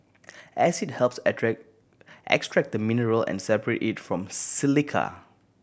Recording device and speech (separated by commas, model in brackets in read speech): boundary microphone (BM630), read sentence